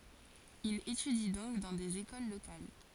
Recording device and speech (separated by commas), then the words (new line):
forehead accelerometer, read sentence
Il étudie donc dans des écoles locales.